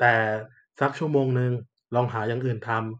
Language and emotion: Thai, neutral